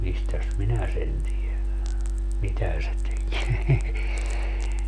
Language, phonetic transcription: Finnish, 'mistäs "minä sen tielän , "mitä se 'teki .
- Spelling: mistäs minä sen tiedän mitä se teki

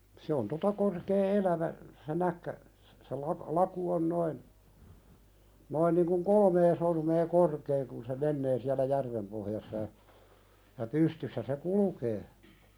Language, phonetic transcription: Finnish, se on "tota korkee 'elävä , se 'näkkä , se lak- , 'laku on noin , noin niŋ kuŋ "kolmee sormee 'korkee kun se "mennee siälä 'järvem pohjassa ja , ja 'pystyssä se "kulukee .
- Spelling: se on tuota korkea elävä se näkki se - laku on noin noin niin kuin kolmea sormea korkea kun se menee siellä järven pohjassa ja ja pystyssä se kulkee

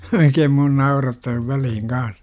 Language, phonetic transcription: Finnish, 'oikeem mun "naurattaa 'välihiŋ 'kaas .
- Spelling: oikein minua naurattaa väliin kanssa

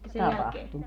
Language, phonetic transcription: Finnish, "tapahtu .
- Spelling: tapahtui

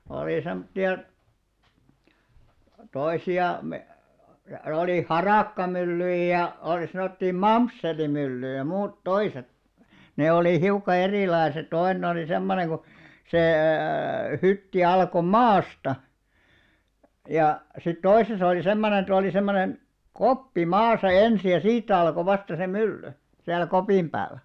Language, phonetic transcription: Finnish, olì 'semtti₍a , 'toisi₍a me- , olì "haràkkamyllyij ja , òlⁱ sanòttii "mamsselimyllyjᵃ̈ 'muut "toiset , ne olì 'hiukka 'erìlaeset 'toinᵉn ‿oli 'semmone ko , sê+ 'hytti 'alko "maasta , ja , sit 'toisesa oli 'semmonen ‿et ‿oli 'semmonen , "koppi 'maasa 'ensi ja "siit̆tä alko 'vasta se "mylly , siäl̆lᵃ̈ 'kopìm ʙääl̆lᴀ̈ .
- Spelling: oli semmoisia toisia - oli harakkamyllyjä ja oli sanottiin mamsselimyllyjä muuta toiset ne oli hiukka erilaiset toinen oli semmoinen kun se hytti alkoi maasta ja sitten toisessa oli semmoinen että oli semmoinen koppi maassa ensin ja siitä alkoi vasta se mylly siellä kopin päällä

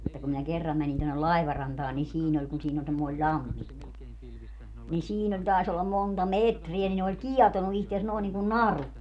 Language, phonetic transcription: Finnish, että kum minä 'kerram mänin tonnel "lai̮varantaan ni 'siin ‿oĺ kun siin ‿oĺ semmoi̮ĺ "ĺammikko , nin 'siin ‿oĺ 'tàes ‿ollam 'monta "metriä ni ne oĺ "kiɛtonu ihtes nòin niŋkun "naru .
- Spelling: että kun minä kerran menin tuonne laivarantaan niin siinä oli kun siinä oli semmoinen lammikko niin siinä oli taisi olla monta metriä niin ne oli kietonut itsensä noin niin kuin naru

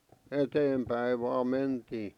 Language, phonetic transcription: Finnish, 'eteempäi vaa 'mentii .
- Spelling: eteenpäin vain mentiin

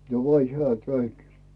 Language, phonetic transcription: Finnish, jo 'oĺ 'heä̀ "käynt .
- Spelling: jo oli hän käynyt

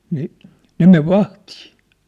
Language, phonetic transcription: Finnish, nii , 'ne 'mev "vahtii .
- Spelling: niin ne meni vahtiin

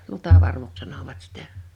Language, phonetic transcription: Finnish, lutavarvuks 'sanovat 'sitä .
- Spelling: lutavarvuksi sanoivat sitä

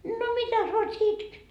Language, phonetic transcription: Finnish, » no "mitäs 'vart sie 'itket ?
- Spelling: no mitäs varten sinä itket

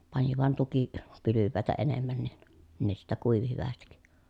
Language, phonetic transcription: Finnish, pani van tuki- , -pylyvvä̀etä enemmän nin , ne sittä kuivi hyvästik .
- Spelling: pani vain - tukipylväitä enemmän niin ne sitten kuivui hyvästi

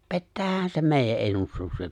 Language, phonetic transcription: Finnish, pettäähän 'se 'mèijä’ '’ennustukset .
- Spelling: pettäähän se meidän ennustukset

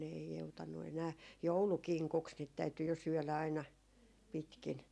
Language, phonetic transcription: Finnish, ne ei 'joutannu enää , "joulukiŋkuks niit 'täyty jo 'syɔ̈̀lä aina , 'pitkin ,.
- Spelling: ne ei joutanut enää joulukinkuksi niitä täytyi jo syödä aina pitkin

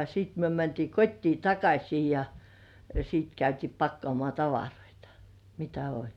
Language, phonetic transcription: Finnish, siit myö mäntii 'kot́tii "takaśii ja , siit 'käyti "pakkŏàmŏà 'tavaroitᴀ , mitä oĺ .
- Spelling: sitten me mentiin kotiin takaisin ja sitten käytiin pakkaamaan tavaroita mitä oli

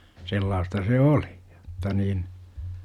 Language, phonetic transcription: Finnish, 'sellaasta se "oli , JOtta niin , .
- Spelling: sellaista se oli jotta niin

